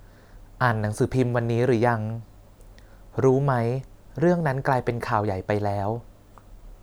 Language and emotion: Thai, neutral